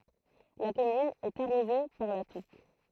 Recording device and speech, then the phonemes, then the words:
throat microphone, read sentence
la kɔmyn ɛt aʁoze paʁ la tuk
La commune est arrosée par la Touques.

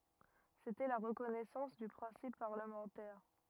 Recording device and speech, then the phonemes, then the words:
rigid in-ear microphone, read sentence
setɛ la ʁəkɔnɛsɑ̃s dy pʁɛ̃sip paʁləmɑ̃tɛʁ
C'était la reconnaissance du principe parlementaire.

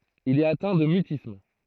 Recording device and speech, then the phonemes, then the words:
throat microphone, read sentence
il ɛt atɛ̃ də mytism
Il est atteint de mutisme.

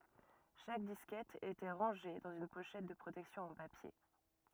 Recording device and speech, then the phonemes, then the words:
rigid in-ear microphone, read sentence
ʃak diskɛt etɑ̃ ʁɑ̃ʒe dɑ̃z yn poʃɛt də pʁotɛksjɔ̃ ɑ̃ papje
Chaque disquette étant rangée dans une pochette de protection en papier.

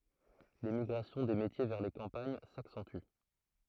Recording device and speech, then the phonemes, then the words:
throat microphone, read sentence
lemiɡʁasjɔ̃ de metje vɛʁ le kɑ̃paɲ saksɑ̃ty
L'émigration des métiers vers les campagnes s'accentue.

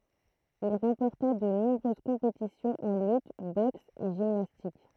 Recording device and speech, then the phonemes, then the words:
throat microphone, read sentence
il ʁɑ̃pɔʁta də nɔ̃bʁøz kɔ̃petisjɔ̃z ɑ̃ lyt bɔks e ʒimnastik
Il remporta de nombreuses compétitions en lutte, boxe et gymnastique.

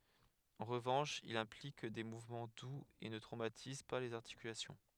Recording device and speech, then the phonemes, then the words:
headset microphone, read sentence
ɑ̃ ʁəvɑ̃ʃ il ɛ̃plik de muvmɑ̃ duz e nə tʁomatiz pa lez aʁtikylasjɔ̃
En revanche, il implique des mouvements doux et ne traumatise pas les articulations.

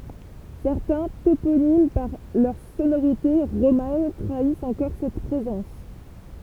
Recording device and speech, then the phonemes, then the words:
temple vibration pickup, read sentence
sɛʁtɛ̃ toponim paʁ lœʁ sonoʁite ʁoman tʁaist ɑ̃kɔʁ sɛt pʁezɑ̃s
Certains toponymes par leurs sonorités romanes trahissent encore cette présence.

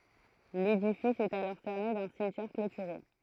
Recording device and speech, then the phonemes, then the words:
throat microphone, read sentence
ledifis ɛt alɔʁ sɛʁne dœ̃ simtjɛʁ klotyʁe
L’édifice est alors cerné d’un cimetière clôturé.

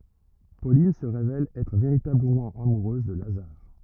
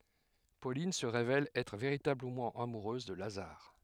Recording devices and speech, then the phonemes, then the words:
rigid in-ear microphone, headset microphone, read sentence
polin sə ʁevɛl ɛtʁ veʁitabləmɑ̃ amuʁøz də lazaʁ
Pauline se révèle être véritablement amoureuse de Lazare.

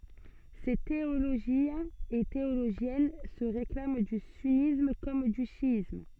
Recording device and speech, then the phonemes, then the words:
soft in-ear microphone, read sentence
se teoloʒjɛ̃z e teoloʒjɛn sə ʁeklam dy synism kɔm dy ʃjism
Ces théologiens et théologiennes se réclament du sunnisme comme du chiisme.

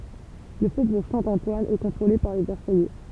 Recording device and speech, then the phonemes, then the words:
temple vibration pickup, read sentence
lə fobuʁ sɛ̃tɑ̃twan ɛ kɔ̃tʁole paʁ le vɛʁsajɛ
Le faubourg Saint-Antoine est contrôlé par les Versaillais.

